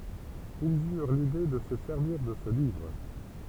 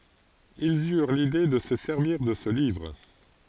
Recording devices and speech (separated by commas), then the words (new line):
temple vibration pickup, forehead accelerometer, read sentence
Ils eurent l'idée de se servir de ce livre.